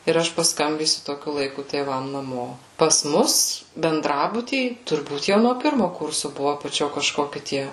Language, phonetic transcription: Lithuanian, ir ˈaš pasˈkambysiu toˈkiu laiˈku tėˈvam naˈmo pas ˈmus benˈdrabuty turˈbūt jau no ˈpirmu ˈkursu ˈbuvo apaˈčio kažˈkoki ˈtie

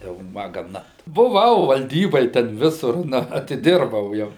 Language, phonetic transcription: Lithuanian, jau ˈma gaˈna buˈvau valˈdyboj ten ˈvisur ˈna atiˈdirbau ˈjau

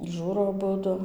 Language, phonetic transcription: Lithuanian, ˈžūro aˈbudu

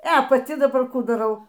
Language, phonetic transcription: Lithuanian, e paˈti daˈbar ˈkų daˈrau

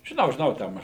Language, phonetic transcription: Lithuanian, žiˈnau žiˈnau ˈten

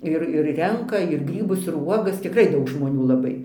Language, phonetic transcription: Lithuanian, ˈir ir ˈrenka ir ˈgrybus ir ˈuogas tikˈrai ˈdaug žmoˈnių laˈbai

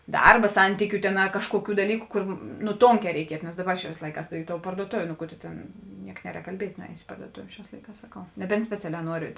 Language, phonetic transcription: Lithuanian, ˈdarba ˈsantykiu tėn a ˈkažkuoˌkių daˈlyku kur nu ˈtonˌkē reiˈkietu nes ˈdaˌba čia vėsˈlaikās i tou parduoˈtovė no ˈku tu ˈtėn ˈniek ˈneˌrēk kalˈbiet' nuˈējos i parduoˈtov' ˈšiās ˈlaiˌkās saˈkau neˈbent speˈcialē ˈnuori

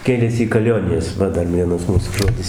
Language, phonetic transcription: Lithuanian, ˈkėlėsi į kaˈlionijas ˈva ˈdar ˈvienas ˈmūsu ˈžodis

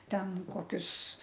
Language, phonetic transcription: Lithuanian, ˈten ˈkokius

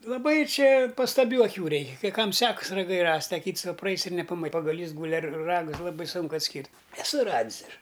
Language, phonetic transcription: Lithuanian, laˈbai ˈčia pastaˈbių aˈkių ˈreikia kai ˈkam ˈsekas raˈgai ˈrast' a ˈkyts ˈva praˈais ir nepa pagaˈlys ˈgūli ar ˈragus ˈlabai ˈsūnku atˈskyrt' eˈsu ˈradis ˈaš

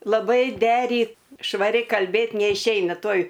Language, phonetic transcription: Lithuanian, laˈbai ˈderyt švaˈri kalˈbėt neišˈeina ˈtuoj

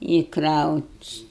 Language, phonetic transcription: Lithuanian, i kraut'

